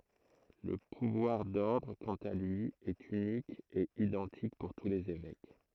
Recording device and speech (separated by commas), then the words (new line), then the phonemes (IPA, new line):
throat microphone, read sentence
Le pouvoir d'ordre, quant à lui, est unique et identique pour tous les évêques.
lə puvwaʁ dɔʁdʁ kɑ̃t a lyi ɛt ynik e idɑ̃tik puʁ tu lez evɛk